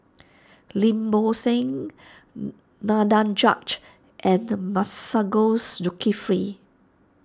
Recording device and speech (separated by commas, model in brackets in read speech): standing microphone (AKG C214), read sentence